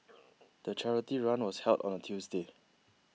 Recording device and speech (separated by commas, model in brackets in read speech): mobile phone (iPhone 6), read sentence